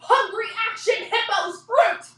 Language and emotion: English, disgusted